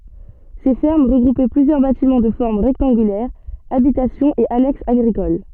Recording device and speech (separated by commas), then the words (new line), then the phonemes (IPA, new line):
soft in-ear microphone, read sentence
Ces fermes regroupaient plusieurs bâtiments de forme rectangulaire, habitations et annexes agricoles.
se fɛʁm ʁəɡʁupɛ plyzjœʁ batimɑ̃ də fɔʁm ʁɛktɑ̃ɡylɛʁ abitasjɔ̃z e anɛksz aɡʁikol